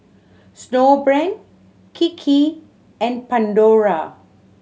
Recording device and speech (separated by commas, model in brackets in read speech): mobile phone (Samsung C7100), read sentence